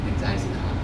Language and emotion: Thai, neutral